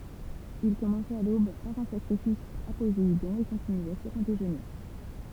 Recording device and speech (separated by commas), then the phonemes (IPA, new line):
temple vibration pickup, read sentence
il kɔmɑ̃sɛt a lob paʁ œ̃ sakʁifis a pozeidɔ̃ e kɔ̃tinyɛ syʁ œ̃ deʒøne